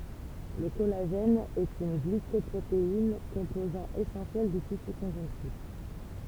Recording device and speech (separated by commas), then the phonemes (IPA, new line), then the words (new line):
temple vibration pickup, read sentence
lə kɔlaʒɛn ɛt yn ɡlikɔpʁotein kɔ̃pozɑ̃ esɑ̃sjɛl dy tisy kɔ̃ʒɔ̃ktif
Le collagène est une glycoprotéine, composant essentiel du tissu conjonctif.